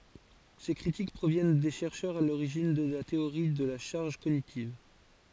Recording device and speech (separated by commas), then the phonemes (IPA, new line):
forehead accelerometer, read sentence
se kʁitik pʁovjɛn de ʃɛʁʃœʁz a loʁiʒin də la teoʁi də la ʃaʁʒ koɲitiv